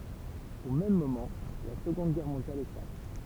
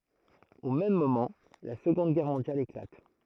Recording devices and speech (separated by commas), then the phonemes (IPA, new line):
temple vibration pickup, throat microphone, read sentence
o mɛm momɑ̃ la səɡɔ̃d ɡɛʁ mɔ̃djal eklat